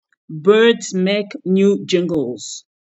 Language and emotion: English, surprised